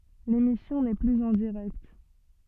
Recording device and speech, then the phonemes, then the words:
soft in-ear microphone, read sentence
lemisjɔ̃ nɛ plyz ɑ̃ diʁɛkt
L'émission n'est plus en direct.

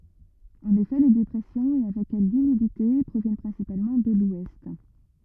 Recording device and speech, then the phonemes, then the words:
rigid in-ear microphone, read sentence
ɑ̃n efɛ le depʁɛsjɔ̃z e avɛk ɛl lymidite pʁovjɛn pʁɛ̃sipalmɑ̃ də lwɛst
En effet, les dépressions, et avec elles l'humidité, proviennent principalement de l'ouest.

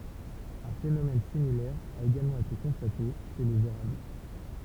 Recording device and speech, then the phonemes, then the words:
temple vibration pickup, read sentence
œ̃ fenomɛn similɛʁ a eɡalmɑ̃ ete kɔ̃state ʃe lez eʁabl
Un phénomène similaire a également été constaté chez les érables.

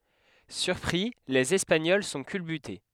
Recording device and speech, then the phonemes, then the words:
headset microphone, read sentence
syʁpʁi lez ɛspaɲɔl sɔ̃ kylbyte
Surpris, les Espagnols sont culbutés.

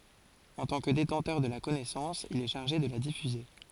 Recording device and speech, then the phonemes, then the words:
forehead accelerometer, read sentence
ɑ̃ tɑ̃ kə detɑ̃tœʁ də la kɔnɛsɑ̃s il ɛ ʃaʁʒe də la difyze
En tant que détenteur de la connaissance, il est chargé de la diffuser.

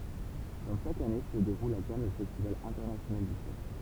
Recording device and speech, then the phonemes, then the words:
temple vibration pickup, read sentence
kɔm ʃak ane sə deʁul a kan lə fɛstival ɛ̃tɛʁnasjonal dy film
Comme chaque année se déroule à Cannes le festival international du film.

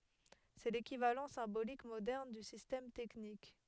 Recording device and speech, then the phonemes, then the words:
headset microphone, read sentence
sɛ lekivalɑ̃ sɛ̃bolik modɛʁn dy sistɛm tɛknik
C'est l'équivalent symbolique moderne du système technique.

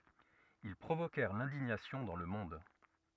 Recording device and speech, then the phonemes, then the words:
rigid in-ear microphone, read sentence
il pʁovokɛʁ lɛ̃diɲasjɔ̃ dɑ̃ lə mɔ̃d
Ils provoquèrent l'indignation dans le monde.

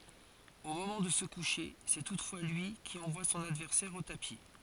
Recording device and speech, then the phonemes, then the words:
forehead accelerometer, read sentence
o momɑ̃ də sə kuʃe sɛ tutfwa lyi ki ɑ̃vwa sɔ̃n advɛʁsɛʁ o tapi
Au moment de se coucher, c'est toutefois lui qui envoie son adversaire au tapis.

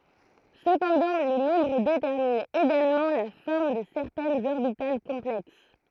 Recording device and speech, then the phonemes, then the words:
throat microphone, read sentence
səpɑ̃dɑ̃ lə nɔ̃bʁ detɛʁmin eɡalmɑ̃ la fɔʁm də sɛʁtɛnz ɔʁbital kɔ̃plɛks
Cependant, le nombre détermine également la forme de certaines orbitales complexes.

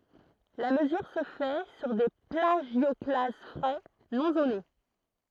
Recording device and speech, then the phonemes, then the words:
throat microphone, read sentence
la məzyʁ sə fɛ syʁ de plaʒjɔklaz fʁɛ nɔ̃ zone
La mesure se fait sur des plagioclases frais, non zonés.

